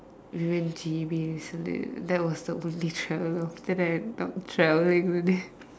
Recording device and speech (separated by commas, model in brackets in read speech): standing microphone, conversation in separate rooms